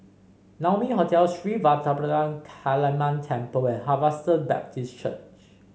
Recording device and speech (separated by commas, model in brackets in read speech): mobile phone (Samsung C5), read sentence